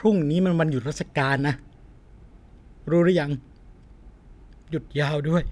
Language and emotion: Thai, sad